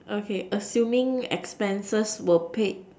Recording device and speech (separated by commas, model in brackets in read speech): standing microphone, conversation in separate rooms